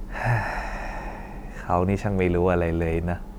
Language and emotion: Thai, frustrated